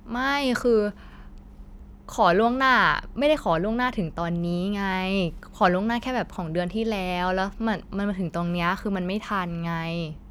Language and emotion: Thai, frustrated